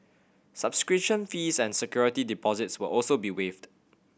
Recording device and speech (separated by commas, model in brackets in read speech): boundary microphone (BM630), read sentence